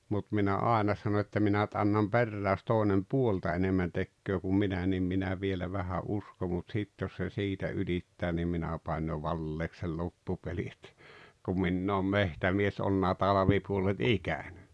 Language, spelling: Finnish, mutta minä aina sanoin että minä nyt annan perään jos toinen puolta enemmän tekee kuin minä niin minä vielä vähän uskon mutta sitten jos se siitä ylittää niin minä panen jo valeeksi sen loppupelin että kun minä olen metsämies ollut talvipuolet ikäni
- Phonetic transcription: mut minä 'àena sano että 'minä [n]yt annam "perrää jos 'tòenem "puolta enemmän 'tekköö kum "minä nim 'minä vielä 'vähä "’uskom mut 'sit jos se "siitä 'ylittää nim 'minä paan jo "valleek sei 'loppupeli et , kum 'minn ‿oom "mehtämies olˡᵘna 'talᵃvipuolet "ikäɴ .

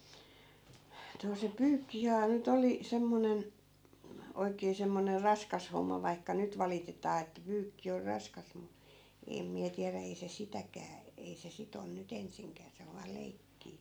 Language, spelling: Finnish, no se pyykkihän nyt oli semmoinen oikein semmoinen raskas homma vaikka nyt valitetaan että pyykki on raskas mutta en minä tiedä ei se sitäkään ei se sitä on nyt ensinkään se on vain leikkiä
- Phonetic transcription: no se 'pyykkihää ny't ‿oli , 'semmonen , 'oikee semmoner "raskas homma vaikka 'nyt valitetaa että 'pyykki or 'raskas mu , 'em miä tiärä 'ei se 'sitäkää , 'ei se 'sit ‿on ny't ‿ensiŋkää 'se ov vaa "leikkii .

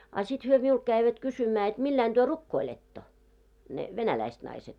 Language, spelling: Finnish, a sitten he minulta kävivät kysymään että millä lailla te rukoilette ne venäläiset naiset
- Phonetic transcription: a sit hyö 'miult käivät 'kysymää et 'milläin ᴅuÖ "rukkoiletto , ne 'venäläist naiset .

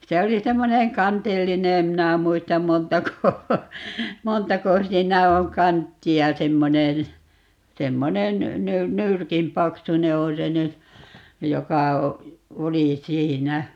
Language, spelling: Finnish, se oli semmoinen kantillinen en minä muista montako montako siinä on kanttia semmoinen semmoinen - nyrkin paksuinen on se nyt joka oli siinä
- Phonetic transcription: 'se oli 'semmoneŋ "kantilline - 'em minä 'muistam "montako , 'montako 'siinä oŋ "kantti₍a 'semmonen̬ , 'semmonen , ny - "nyrkin 'paksune 'on se nyt , 'joka , 'oli 'siinä .

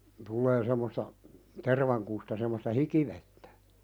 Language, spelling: Finnish, tulee semmoista tervankusta semmoista hikivettä
- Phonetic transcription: tullee semmosta , 'tervaŋkusta semmosta "hikivettᴀ̈ .

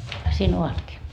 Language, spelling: Finnish, siinä ovatkin
- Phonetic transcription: siin 'ovatkii .

